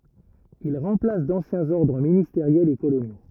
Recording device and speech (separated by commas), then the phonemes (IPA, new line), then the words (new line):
rigid in-ear microphone, read sentence
il ʁɑ̃plas dɑ̃sjɛ̃z ɔʁdʁ ministeʁjɛlz e kolonjo
Il remplace d'anciens ordres ministériels et coloniaux.